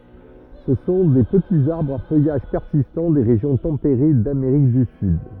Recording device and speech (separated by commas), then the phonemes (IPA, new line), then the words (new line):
rigid in-ear microphone, read sentence
sə sɔ̃ de pətiz aʁbʁz a fœjaʒ pɛʁsistɑ̃ de ʁeʒjɔ̃ tɑ̃peʁe dameʁik dy syd
Ce sont des petits arbres à feuillage persistant des régions tempérées d'Amérique du Sud.